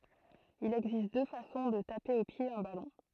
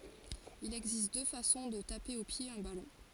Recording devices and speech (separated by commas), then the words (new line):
throat microphone, forehead accelerometer, read sentence
Il existe deux façons de taper au pied un ballon.